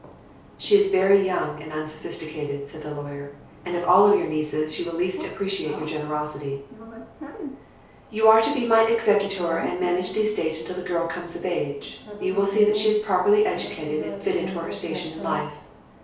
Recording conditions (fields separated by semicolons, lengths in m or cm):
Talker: one person; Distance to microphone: 3.0 m; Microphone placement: far; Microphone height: 1.8 m; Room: small (3.7 m by 2.7 m); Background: television